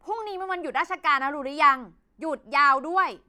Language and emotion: Thai, angry